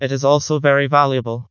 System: TTS, vocoder